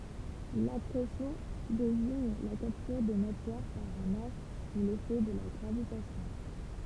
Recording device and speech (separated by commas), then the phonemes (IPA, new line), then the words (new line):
temple vibration pickup, read sentence
lakʁesjɔ̃ deziɲ la kaptyʁ də matjɛʁ paʁ œ̃n astʁ su lefɛ də la ɡʁavitasjɔ̃
L'accrétion désigne la capture de matière par un astre sous l'effet de la gravitation.